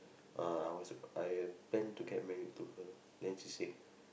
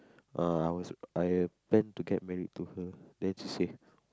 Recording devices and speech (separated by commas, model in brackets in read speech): boundary microphone, close-talking microphone, conversation in the same room